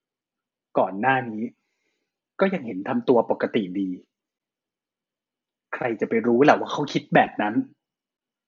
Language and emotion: Thai, frustrated